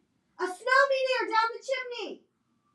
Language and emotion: English, neutral